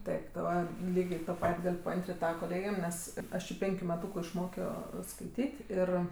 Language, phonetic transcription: Lithuanian, ˈtaip ˈva ˈlygė to ˈpat' ˈgal' paˈantrin't' ˈtava koˈlėgėm ˈnes ˈaš ji ˈpenkiu meˈtūku išˈmokio skaiˈtyt' ˈir

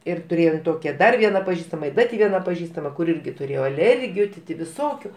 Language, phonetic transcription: Lithuanian, ir tuˈrėjom ˈtokia ˈdar ˈviena paˈžįstama i ˈda ti ˈviena paˈžįstama kur ˈirgi tuˈrėjo aˈlergiju ti ˈti viˈsokiu

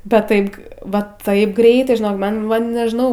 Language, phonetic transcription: Lithuanian, bet ˈtaip ˈva ˈtaip ˈgreitai žiˈnok ˈman ˈman nežiˈnau

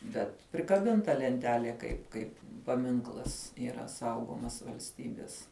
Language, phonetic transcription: Lithuanian, bet prikaˈbinta lenˈtelie kaip ˈkaip paˈminklas yˈra ˈsaugomas valsˈtybis

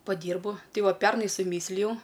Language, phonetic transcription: Lithuanian, paˈdyrbu ˈtai ˈva ˈpernai suˈmyslijau

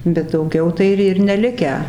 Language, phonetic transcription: Lithuanian, bet dauˈgiau ˈtai ir ir neˈlikę

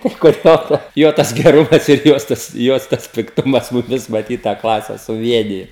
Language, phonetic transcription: Lithuanian, tai kur ˈjo ta ˈjo tas geˈrumas ir ˈjos tas ˈjos tas pikˈtumas muˈmis maˈtyt tą ˈklase suˈvienijo

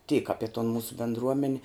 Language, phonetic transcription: Lithuanian, tyk ˈapi ton ˈmūsu bėndˈruomen'

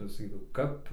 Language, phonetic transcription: Lithuanian, saˈkydavau ˈkap

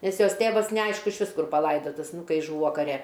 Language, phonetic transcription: Lithuanian, ˈnes ˈjos ˈtėvas neˈaišku išˈvis ˈkur paˈlaidatas ˈnu ˈkai ˈžūvo kaˈre

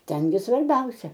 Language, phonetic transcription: Lithuanian, ˈten gi svarˈbiausia

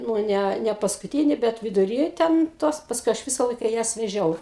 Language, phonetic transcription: Lithuanian, nu ˈnæ nepaskuˈtyni ˈbet viduˈry ten ˈtos pasˈkui aš ˈvisa ˈlaika ˈjas veˈžiau

